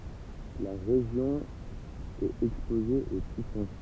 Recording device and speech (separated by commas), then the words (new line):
temple vibration pickup, read sentence
La région est exposée aux typhons.